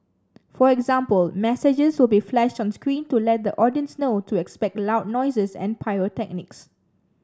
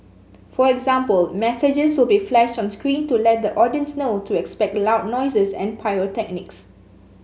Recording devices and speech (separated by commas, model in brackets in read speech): standing microphone (AKG C214), mobile phone (Samsung S8), read sentence